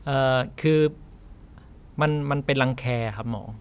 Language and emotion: Thai, neutral